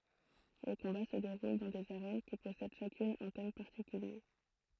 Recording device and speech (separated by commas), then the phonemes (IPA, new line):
throat microphone, read sentence
le kɔ̃ba sə deʁul dɑ̃ dez aʁɛn ki pɔsɛd ʃakyn œ̃ tɛm paʁtikylje